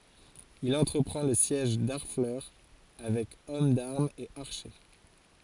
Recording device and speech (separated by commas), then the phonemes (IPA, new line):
forehead accelerometer, read sentence
il ɑ̃tʁəpʁɑ̃ lə sjɛʒ daʁflœʁ avɛk ɔm daʁmz e aʁʃe